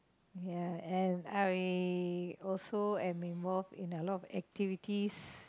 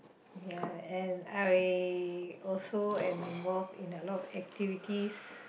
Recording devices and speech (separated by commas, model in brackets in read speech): close-talking microphone, boundary microphone, conversation in the same room